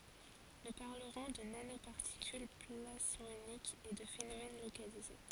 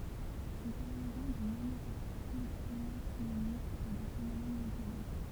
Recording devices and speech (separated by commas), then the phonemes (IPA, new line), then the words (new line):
forehead accelerometer, temple vibration pickup, read sentence
nu paʁləʁɔ̃ də nanopaʁtikyl plasmonikz e də fenomɛn lokalize
Nous parlerons de nanoparticules plasmoniques et de phénomène localisé.